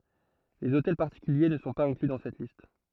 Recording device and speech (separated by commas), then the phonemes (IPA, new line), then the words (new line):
throat microphone, read sentence
lez otɛl paʁtikylje nə sɔ̃ paz ɛ̃kly dɑ̃ sɛt list
Les hôtels particuliers ne sont pas inclus dans cette liste.